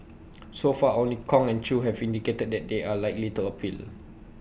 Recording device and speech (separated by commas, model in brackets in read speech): boundary microphone (BM630), read sentence